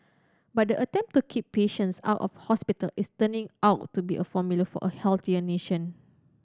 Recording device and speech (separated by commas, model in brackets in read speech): standing microphone (AKG C214), read sentence